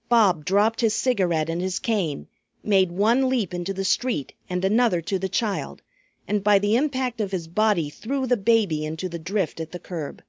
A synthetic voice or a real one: real